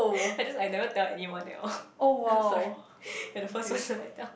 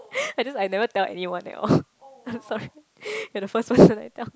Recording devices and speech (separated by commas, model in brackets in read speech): boundary microphone, close-talking microphone, conversation in the same room